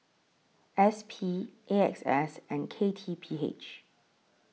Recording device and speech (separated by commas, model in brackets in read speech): mobile phone (iPhone 6), read sentence